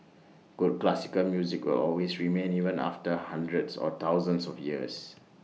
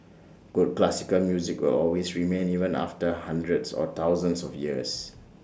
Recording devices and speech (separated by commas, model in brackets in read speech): mobile phone (iPhone 6), standing microphone (AKG C214), read sentence